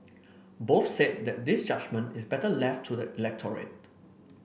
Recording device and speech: boundary microphone (BM630), read sentence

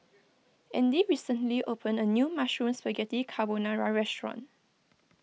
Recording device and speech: mobile phone (iPhone 6), read sentence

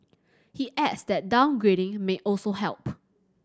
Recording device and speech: standing microphone (AKG C214), read sentence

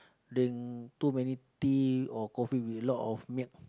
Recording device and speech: close-talking microphone, conversation in the same room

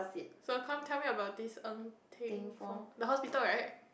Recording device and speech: boundary microphone, conversation in the same room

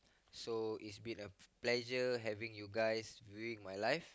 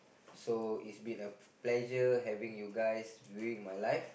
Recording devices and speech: close-talking microphone, boundary microphone, conversation in the same room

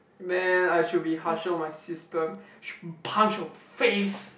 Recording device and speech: boundary microphone, conversation in the same room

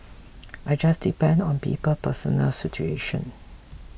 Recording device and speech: boundary microphone (BM630), read sentence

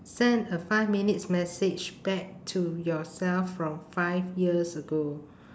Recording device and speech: standing microphone, conversation in separate rooms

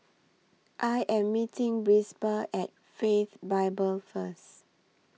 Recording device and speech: mobile phone (iPhone 6), read sentence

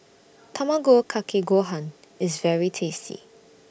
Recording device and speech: boundary microphone (BM630), read sentence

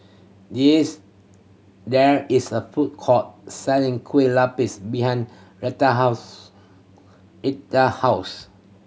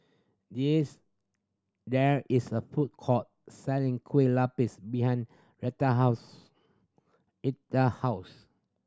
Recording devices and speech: mobile phone (Samsung C7100), standing microphone (AKG C214), read sentence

